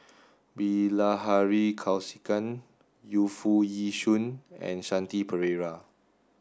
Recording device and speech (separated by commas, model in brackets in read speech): standing microphone (AKG C214), read sentence